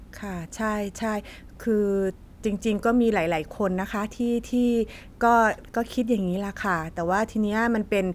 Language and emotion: Thai, neutral